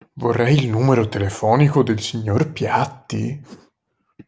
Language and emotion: Italian, surprised